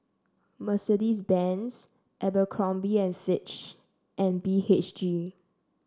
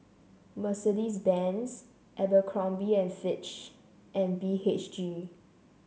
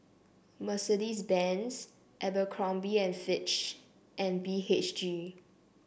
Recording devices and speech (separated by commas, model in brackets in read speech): standing microphone (AKG C214), mobile phone (Samsung C7), boundary microphone (BM630), read sentence